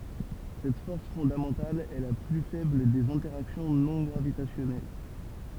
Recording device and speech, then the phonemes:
temple vibration pickup, read sentence
sɛt fɔʁs fɔ̃damɑ̃tal ɛ la ply fɛbl dez ɛ̃tɛʁaksjɔ̃ nɔ̃ ɡʁavitasjɔnɛl

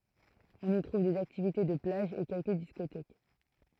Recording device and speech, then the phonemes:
throat microphone, read sentence
ɔ̃n i tʁuv dez aktivite də plaʒ e kɛlkə diskotɛk

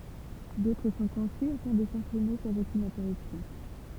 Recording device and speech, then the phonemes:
temple vibration pickup, read sentence
dotʁ sɔ̃ kɔ̃sy afɛ̃ də sɑ̃ʃɛne sɑ̃z okyn ɛ̃tɛʁypsjɔ̃

